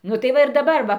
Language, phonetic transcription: Lithuanian, ˈnu tai ˈva ir daˈbar ˈva

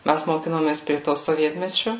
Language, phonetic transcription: Lithuanian, ˈmæs moˈkinomės prie to soˈvietmečiu

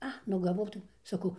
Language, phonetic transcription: Lithuanian, ˈa nu gaˈvau tai saˈkau

